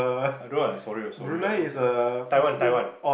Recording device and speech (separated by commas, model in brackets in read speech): boundary microphone, conversation in the same room